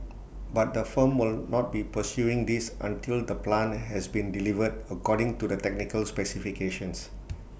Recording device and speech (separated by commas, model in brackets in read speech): boundary microphone (BM630), read sentence